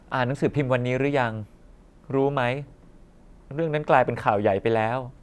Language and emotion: Thai, frustrated